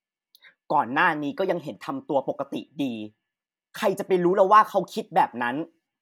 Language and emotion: Thai, frustrated